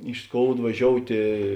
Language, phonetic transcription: Lithuanian, iš ˈskoud vaˈžioutė

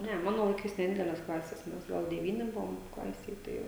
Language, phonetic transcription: Lithuanian, ˈne ˈmano laiˈkais neˈdideles ˈklases ˈmes ˈgal deˈvyni ˈbuvom ˈklasėj ˈtai

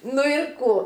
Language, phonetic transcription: Lithuanian, ˈnu ir ˈkų

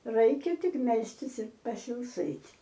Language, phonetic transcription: Lithuanian, ˈraikia ˈtik ˈmelstis ir pasilˈsɘt'

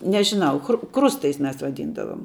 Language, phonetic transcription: Lithuanian, nežiˈnau chru ˈkrustais ˈmes vaˈdyndavom

